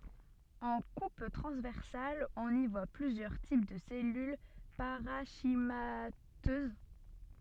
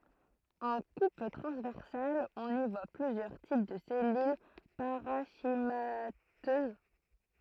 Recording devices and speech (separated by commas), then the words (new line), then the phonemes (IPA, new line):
soft in-ear microphone, throat microphone, read sentence
En coupe transversale on y voit plusieurs types de cellules parenchymateuses.
ɑ̃ kup tʁɑ̃zvɛʁsal ɔ̃n i vwa plyzjœʁ tip də sɛlyl paʁɑ̃ʃimatøz